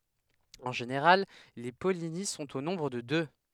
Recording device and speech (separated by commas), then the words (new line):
headset microphone, read sentence
En général, les pollinies sont au nombre de deux.